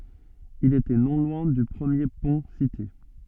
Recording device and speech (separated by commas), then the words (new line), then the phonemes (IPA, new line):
soft in-ear microphone, read sentence
Il était non loin du premier pont cité.
il etɛ nɔ̃ lwɛ̃ dy pʁəmje pɔ̃ site